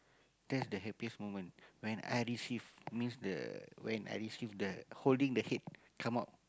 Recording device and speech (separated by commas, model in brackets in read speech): close-talking microphone, conversation in the same room